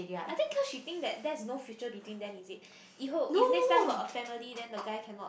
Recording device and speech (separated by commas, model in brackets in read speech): boundary microphone, conversation in the same room